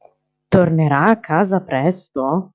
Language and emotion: Italian, surprised